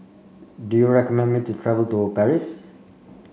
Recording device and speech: mobile phone (Samsung C5), read sentence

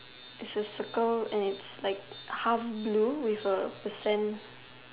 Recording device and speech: telephone, conversation in separate rooms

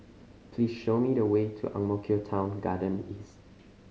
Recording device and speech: mobile phone (Samsung C5010), read sentence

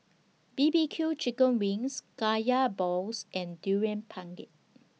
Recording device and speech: mobile phone (iPhone 6), read sentence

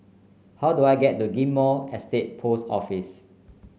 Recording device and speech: mobile phone (Samsung C9), read sentence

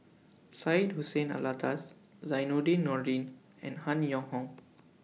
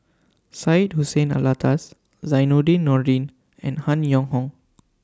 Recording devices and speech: mobile phone (iPhone 6), standing microphone (AKG C214), read sentence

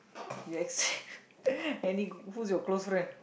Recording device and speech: boundary microphone, conversation in the same room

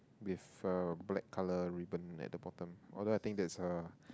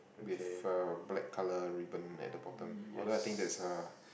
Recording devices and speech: close-talking microphone, boundary microphone, conversation in the same room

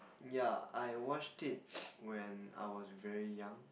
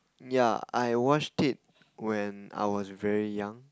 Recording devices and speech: boundary microphone, close-talking microphone, conversation in the same room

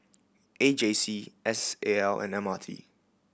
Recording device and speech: boundary microphone (BM630), read sentence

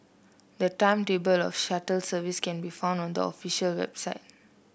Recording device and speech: boundary microphone (BM630), read sentence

